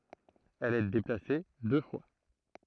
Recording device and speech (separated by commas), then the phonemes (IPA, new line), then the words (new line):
throat microphone, read sentence
ɛl ɛ deplase dø fwa
Elle est déplacée deux fois.